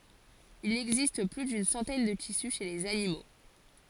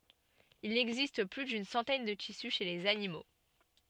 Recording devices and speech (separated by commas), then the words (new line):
forehead accelerometer, soft in-ear microphone, read sentence
Il existe plus d'une centaine de tissus chez les animaux.